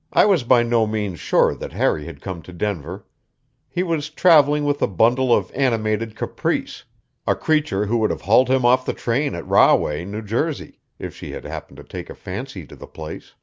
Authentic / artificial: authentic